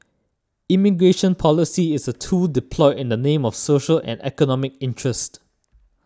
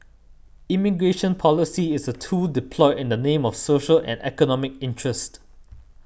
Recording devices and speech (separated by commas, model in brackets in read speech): standing microphone (AKG C214), boundary microphone (BM630), read sentence